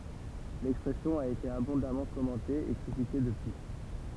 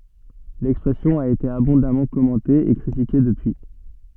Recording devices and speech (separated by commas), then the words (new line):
temple vibration pickup, soft in-ear microphone, read sentence
L'expression a été abondamment commentée et critiquée depuis.